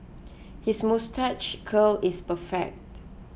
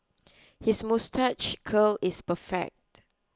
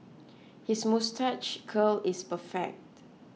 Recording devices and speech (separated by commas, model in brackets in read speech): boundary microphone (BM630), close-talking microphone (WH20), mobile phone (iPhone 6), read sentence